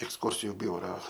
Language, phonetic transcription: Lithuanian, eksˈkursiju ˈbiura

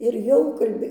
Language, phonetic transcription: Lithuanian, ir ˈjau kalˈbė

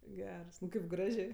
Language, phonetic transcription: Lithuanian, ˈgers kaip ˈgražė

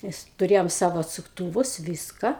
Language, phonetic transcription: Lithuanian, ˈmes tuˈrėjom ˈsavo atsukˈtūvus ˈvyska

